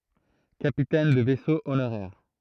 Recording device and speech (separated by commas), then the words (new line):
throat microphone, read sentence
Capitaine de vaisseau honoraire.